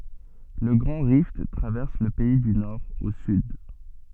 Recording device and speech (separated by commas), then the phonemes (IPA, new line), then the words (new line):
soft in-ear microphone, read sentence
lə ɡʁɑ̃ ʁift tʁavɛʁs lə pɛi dy nɔʁ o syd
Le Grand Rift traverse le pays du nord au sud.